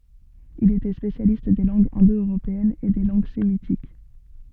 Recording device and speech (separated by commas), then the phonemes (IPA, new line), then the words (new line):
soft in-ear microphone, read sentence
il etɛ spesjalist de lɑ̃ɡz ɛ̃dœʁopeɛnz e de lɑ̃ɡ semitik
Il était spécialiste des langues indo-européennes et des langues sémitiques.